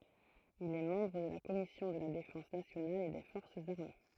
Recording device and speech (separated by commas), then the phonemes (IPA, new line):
throat microphone, read sentence
il ɛ mɑ̃bʁ də la kɔmisjɔ̃ də la defɑ̃s nasjonal e de fɔʁsz aʁme